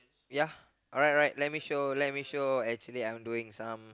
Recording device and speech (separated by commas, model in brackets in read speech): close-talking microphone, conversation in the same room